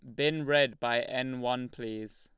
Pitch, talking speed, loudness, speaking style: 125 Hz, 180 wpm, -30 LUFS, Lombard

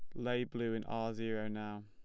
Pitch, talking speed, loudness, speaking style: 115 Hz, 220 wpm, -39 LUFS, plain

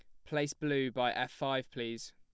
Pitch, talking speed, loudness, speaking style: 130 Hz, 195 wpm, -35 LUFS, plain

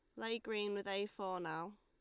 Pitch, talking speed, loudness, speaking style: 205 Hz, 225 wpm, -42 LUFS, Lombard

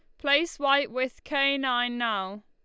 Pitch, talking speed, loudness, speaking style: 265 Hz, 160 wpm, -26 LUFS, Lombard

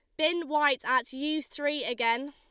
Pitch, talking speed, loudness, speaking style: 290 Hz, 170 wpm, -28 LUFS, Lombard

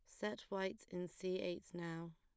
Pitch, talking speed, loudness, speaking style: 180 Hz, 185 wpm, -45 LUFS, plain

